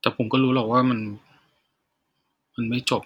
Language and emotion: Thai, sad